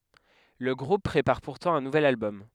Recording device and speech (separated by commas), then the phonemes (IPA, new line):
headset microphone, read sentence
lə ɡʁup pʁepaʁ puʁtɑ̃ œ̃ nuvɛl albɔm